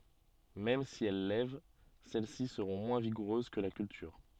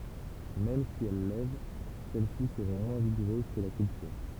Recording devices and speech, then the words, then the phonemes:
soft in-ear microphone, temple vibration pickup, read sentence
Même si elles lèvent, celle-ci seront moins vigoureuses que la culture.
mɛm si ɛl lɛv sɛl si səʁɔ̃ mwɛ̃ viɡuʁøz kə la kyltyʁ

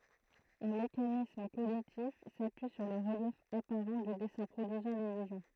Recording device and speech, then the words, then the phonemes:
throat microphone, read sentence
Un mécanisme cognitif s'appuie sur le relief apparent du dessin produisant l'illusion.
œ̃ mekanism koɲitif sapyi syʁ lə ʁəljɛf apaʁɑ̃ dy dɛsɛ̃ pʁodyizɑ̃ lilyzjɔ̃

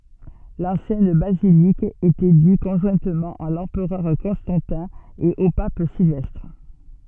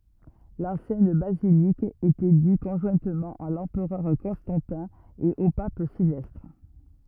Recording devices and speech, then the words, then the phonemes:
soft in-ear microphone, rigid in-ear microphone, read sentence
L'ancienne basilique était due conjointement à l'empereur Constantin et au Pape Sylvestre.
lɑ̃sjɛn bazilik etɛ dy kɔ̃ʒwɛ̃tmɑ̃ a lɑ̃pʁœʁ kɔ̃stɑ̃tɛ̃ e o pap silvɛstʁ

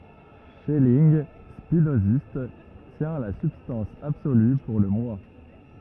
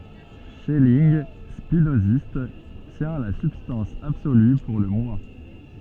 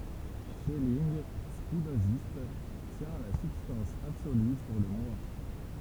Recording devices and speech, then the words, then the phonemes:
rigid in-ear microphone, soft in-ear microphone, temple vibration pickup, read sentence
Schelling, spinoziste, tient la substance absolue pour le Moi.
ʃɛlinɡ spinozist tjɛ̃ la sybstɑ̃s absoly puʁ lə mwa

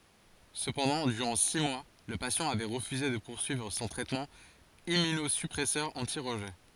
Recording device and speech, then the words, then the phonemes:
forehead accelerometer, read sentence
Cependant, durant six mois, le patient avait refusé de poursuivre son traitement Immunosuppresseur anti-rejet.
səpɑ̃dɑ̃ dyʁɑ̃ si mwa lə pasjɑ̃ avɛ ʁəfyze də puʁsyivʁ sɔ̃ tʁɛtmɑ̃ immynozypʁɛsœʁ ɑ̃ti ʁəʒɛ

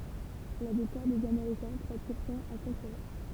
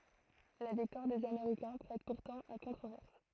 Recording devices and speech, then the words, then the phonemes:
temple vibration pickup, throat microphone, read sentence
La victoire des Américains prête pourtant à controverses.
la viktwaʁ dez ameʁikɛ̃ pʁɛt puʁtɑ̃ a kɔ̃tʁovɛʁs

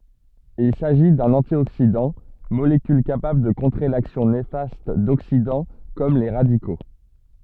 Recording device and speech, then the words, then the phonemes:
soft in-ear microphone, read sentence
Il s'agit d'un antioxydant, molécule capable de contrer l'action néfaste d'oxydants comme les radicaux.
il saʒi dœ̃n ɑ̃tjoksidɑ̃ molekyl kapabl də kɔ̃tʁe laksjɔ̃ nefast doksidɑ̃ kɔm le ʁadiko

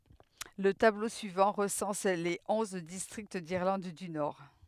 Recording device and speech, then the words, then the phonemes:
headset microphone, read sentence
Le tableau suivant recense les onze districts d'Irlande du Nord.
lə tablo syivɑ̃ ʁəsɑ̃s le ɔ̃z distʁikt diʁlɑ̃d dy nɔʁ

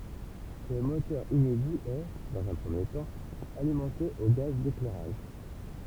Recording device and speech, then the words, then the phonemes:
temple vibration pickup, read sentence
Ce moteur inédit est, dans un premier temps, alimenté au gaz d'éclairage.
sə motœʁ inedi ɛ dɑ̃z œ̃ pʁəmje tɑ̃ alimɑ̃te o ɡaz deklɛʁaʒ

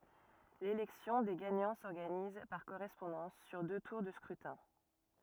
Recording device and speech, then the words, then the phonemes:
rigid in-ear microphone, read sentence
L'élection des gagnants s'organise, par correspondance, sur deux tours de scrutin.
lelɛksjɔ̃ de ɡaɲɑ̃ sɔʁɡaniz paʁ koʁɛspɔ̃dɑ̃s syʁ dø tuʁ də skʁytɛ̃

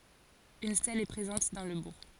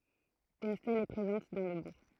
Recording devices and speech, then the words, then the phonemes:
forehead accelerometer, throat microphone, read sentence
Une stèle est présente dans le bourg.
yn stɛl ɛ pʁezɑ̃t dɑ̃ lə buʁ

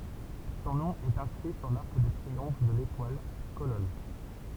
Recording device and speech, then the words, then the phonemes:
temple vibration pickup, read sentence
Son nom est inscrit sur l'arc de triomphe de l'Étoile, colonne.
sɔ̃ nɔ̃ ɛt ɛ̃skʁi syʁ laʁk də tʁiɔ̃f də letwal kolɔn

